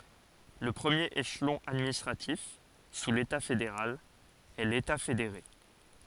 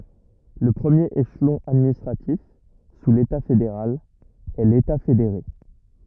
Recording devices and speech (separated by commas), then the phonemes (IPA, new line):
forehead accelerometer, rigid in-ear microphone, read sentence
lə pʁəmjeʁ eʃlɔ̃ administʁatif su leta fedeʁal ɛ leta fedeʁe